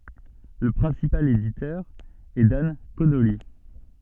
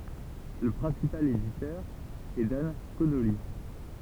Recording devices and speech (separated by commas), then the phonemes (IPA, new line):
soft in-ear microphone, temple vibration pickup, read sentence
lə pʁɛ̃sipal editœʁ ɛ dan konoli